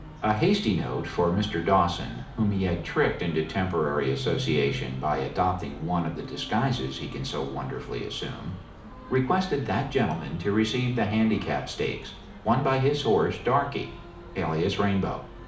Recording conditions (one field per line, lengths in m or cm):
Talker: one person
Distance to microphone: 2.0 m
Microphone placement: close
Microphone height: 99 cm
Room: medium-sized (5.7 m by 4.0 m)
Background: music